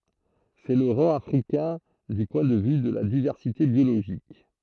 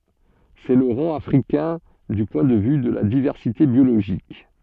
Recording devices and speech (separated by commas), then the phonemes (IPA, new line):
throat microphone, soft in-ear microphone, read sentence
sɛ lə ʁɑ̃ afʁikɛ̃ dy pwɛ̃ də vy də la divɛʁsite bjoloʒik